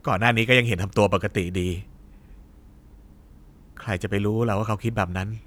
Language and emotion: Thai, frustrated